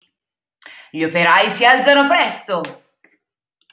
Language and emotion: Italian, happy